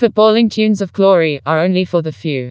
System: TTS, vocoder